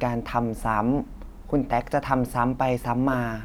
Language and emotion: Thai, neutral